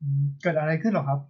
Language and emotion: Thai, neutral